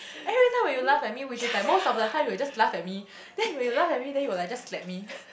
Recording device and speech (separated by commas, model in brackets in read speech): boundary microphone, conversation in the same room